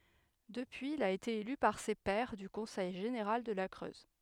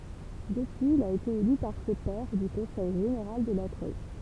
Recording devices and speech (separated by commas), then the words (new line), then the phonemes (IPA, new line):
headset microphone, temple vibration pickup, read sentence
Depuis il a été élu par ses pairs du conseil général de la Creuse.
dəpyiz il a ete ely paʁ se pɛʁ dy kɔ̃sɛj ʒeneʁal də la kʁøz